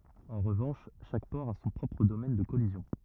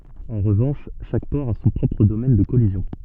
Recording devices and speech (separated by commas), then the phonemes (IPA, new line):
rigid in-ear microphone, soft in-ear microphone, read sentence
ɑ̃ ʁəvɑ̃ʃ ʃak pɔʁ a sɔ̃ pʁɔpʁ domɛn də kɔlizjɔ̃